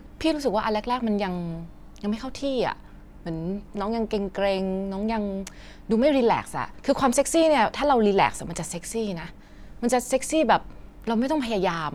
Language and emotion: Thai, frustrated